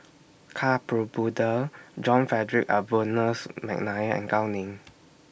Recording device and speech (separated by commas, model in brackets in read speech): boundary microphone (BM630), read sentence